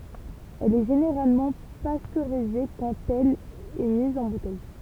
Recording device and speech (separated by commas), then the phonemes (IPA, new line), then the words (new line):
temple vibration pickup, read sentence
ɛl ɛ ʒeneʁalmɑ̃ pastøʁize kɑ̃t ɛl ɛ miz ɑ̃ butɛj
Elle est généralement pasteurisée quand elle est mise en bouteille.